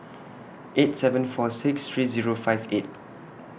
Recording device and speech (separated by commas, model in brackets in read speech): boundary microphone (BM630), read sentence